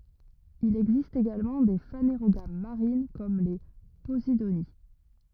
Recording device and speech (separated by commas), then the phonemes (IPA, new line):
rigid in-ear microphone, read sentence
il ɛɡzist eɡalmɑ̃ de faneʁoɡam maʁin kɔm le pozidoni